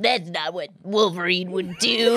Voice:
grumpy voice